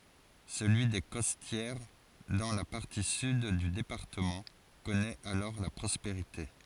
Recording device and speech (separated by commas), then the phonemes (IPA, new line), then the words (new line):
forehead accelerometer, read sentence
səlyi de kɔstjɛʁ dɑ̃ la paʁti syd dy depaʁtəmɑ̃ kɔnɛt alɔʁ la pʁɔspeʁite
Celui des Costières, dans la partie sud du département, connaît alors la prospérité.